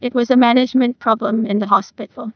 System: TTS, neural waveform model